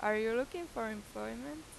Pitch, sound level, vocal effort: 225 Hz, 90 dB SPL, normal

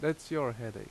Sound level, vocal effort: 83 dB SPL, loud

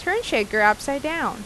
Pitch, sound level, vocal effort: 280 Hz, 88 dB SPL, normal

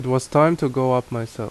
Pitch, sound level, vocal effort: 130 Hz, 82 dB SPL, normal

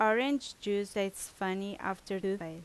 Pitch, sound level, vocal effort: 200 Hz, 85 dB SPL, very loud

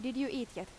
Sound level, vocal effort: 83 dB SPL, normal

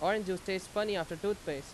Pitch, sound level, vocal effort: 190 Hz, 91 dB SPL, very loud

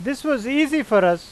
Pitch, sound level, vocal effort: 275 Hz, 94 dB SPL, loud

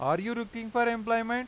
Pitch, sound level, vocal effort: 230 Hz, 97 dB SPL, very loud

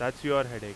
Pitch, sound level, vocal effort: 125 Hz, 94 dB SPL, very loud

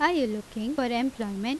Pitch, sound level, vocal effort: 240 Hz, 85 dB SPL, loud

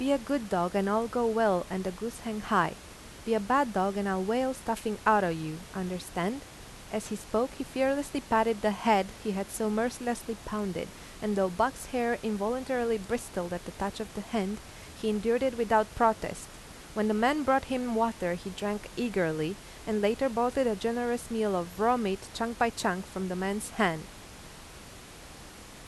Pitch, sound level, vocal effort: 220 Hz, 85 dB SPL, normal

